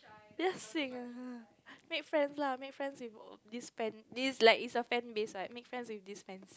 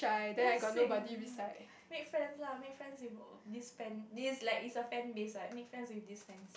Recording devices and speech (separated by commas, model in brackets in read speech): close-talking microphone, boundary microphone, conversation in the same room